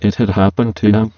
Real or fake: fake